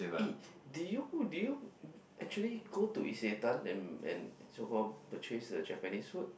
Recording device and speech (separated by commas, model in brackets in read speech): boundary microphone, conversation in the same room